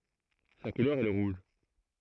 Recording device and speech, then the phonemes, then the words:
throat microphone, read sentence
sa kulœʁ ɛ lə ʁuʒ
Sa couleur est le rouge.

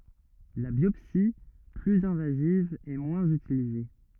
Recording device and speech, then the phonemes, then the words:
rigid in-ear microphone, read sentence
la bjɔpsi plyz ɛ̃vaziv ɛ mwɛ̃z ytilize
La biopsie, plus invasive est moins utilisée.

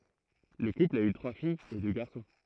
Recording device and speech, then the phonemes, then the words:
throat microphone, read sentence
lə kupl a y tʁwa fijz e dø ɡaʁsɔ̃
Le couple a eu trois filles et deux garçons.

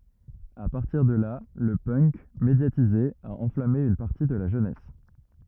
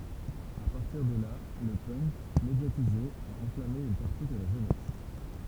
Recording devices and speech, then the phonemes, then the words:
rigid in-ear microphone, temple vibration pickup, read sentence
a paʁtiʁ də la lə pœnk medjatize a ɑ̃flame yn paʁti də la ʒønɛs
À partir de là le punk, médiatisé, a enflammé une partie de la jeunesse.

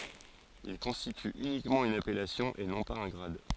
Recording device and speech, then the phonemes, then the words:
forehead accelerometer, read sentence
il kɔ̃stity ynikmɑ̃ yn apɛlasjɔ̃ e nɔ̃ paz œ̃ ɡʁad
Il constitue uniquement une appellation et non pas un grade.

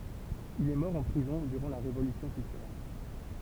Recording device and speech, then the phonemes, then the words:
temple vibration pickup, read sentence
il ɛ mɔʁ ɑ̃ pʁizɔ̃ dyʁɑ̃ la ʁevolysjɔ̃ kyltyʁɛl
Il est mort en prison durant la Révolution culturelle.

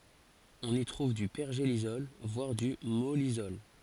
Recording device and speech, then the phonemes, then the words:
forehead accelerometer, read sentence
ɔ̃n i tʁuv dy pɛʁʒelisɔl vwaʁ dy mɔlisɔl
On y trouve du pergélisol, voire du mollisol.

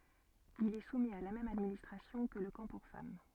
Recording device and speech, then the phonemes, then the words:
soft in-ear microphone, read sentence
il ɛ sumi a la mɛm administʁasjɔ̃ kə lə kɑ̃ puʁ fam
Il est soumis à la même administration que le camp pour femmes.

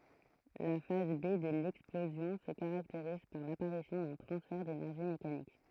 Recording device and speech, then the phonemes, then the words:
throat microphone, read sentence
la faz be də lɛksplozjɔ̃ sə kaʁakteʁiz paʁ lapaʁisjɔ̃ dœ̃ tʁɑ̃sfɛʁ denɛʁʒi mekanik
La phase B de l'explosion se caractérise par l'apparition d'un transfert d'énergie mécanique.

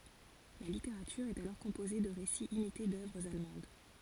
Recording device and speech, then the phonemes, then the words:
forehead accelerometer, read sentence
la liteʁatyʁ ɛt alɔʁ kɔ̃poze də ʁesiz imite dœvʁz almɑ̃d
La littérature est alors composée de récits imités d’œuvres allemandes.

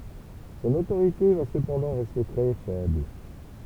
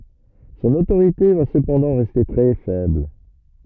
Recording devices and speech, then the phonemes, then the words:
temple vibration pickup, rigid in-ear microphone, read sentence
sɔ̃n otoʁite va səpɑ̃dɑ̃ ʁɛste tʁɛ fɛbl
Son autorité va cependant rester très faible.

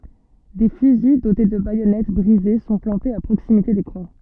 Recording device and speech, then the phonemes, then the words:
soft in-ear microphone, read sentence
de fyzi dote də bajɔnɛt bʁize sɔ̃ plɑ̃tez a pʁoksimite de kʁwa
Des fusils dotés de baïonnettes brisées sont plantés à proximité des croix.

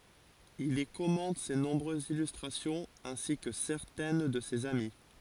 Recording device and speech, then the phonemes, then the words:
forehead accelerometer, read sentence
il i kɔmɑ̃t se nɔ̃bʁøzz ilystʁasjɔ̃z ɛ̃si kə sɛʁtɛn də sez ami
Il y commente ses nombreuses illustrations, ainsi que certaines de ses amis.

